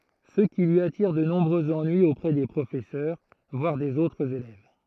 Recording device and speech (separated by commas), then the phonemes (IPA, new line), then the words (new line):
throat microphone, read sentence
sə ki lyi atiʁ də nɔ̃bʁøz ɑ̃nyiz opʁɛ de pʁofɛsœʁ vwaʁ dez otʁz elɛv
Ce qui lui attire de nombreux ennuis auprès des professeurs, voire des autres élèves.